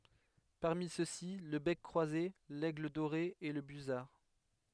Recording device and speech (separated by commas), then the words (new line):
headset microphone, read sentence
Parmi ceux-ci, le bec croisé, l'aigle doré et le busard.